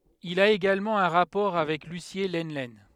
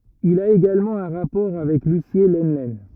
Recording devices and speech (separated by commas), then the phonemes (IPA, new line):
headset microphone, rigid in-ear microphone, read sentence
il a eɡalmɑ̃ œ̃ ʁapɔʁ avɛk lysje lənlɛn